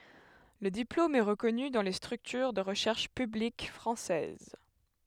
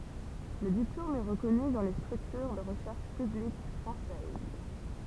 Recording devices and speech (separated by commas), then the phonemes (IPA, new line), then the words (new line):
headset microphone, temple vibration pickup, read sentence
lə diplom ɛ ʁəkɔny dɑ̃ le stʁyktyʁ də ʁəʃɛʁʃ pyblik fʁɑ̃sɛz
Le diplôme est reconnu dans les structures de recherches publiques françaises.